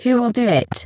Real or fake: fake